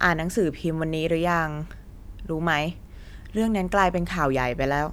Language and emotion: Thai, frustrated